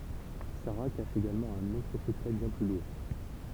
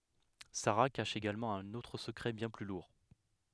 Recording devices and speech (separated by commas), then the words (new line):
temple vibration pickup, headset microphone, read sentence
Sara cache également un autre secret bien plus lourd.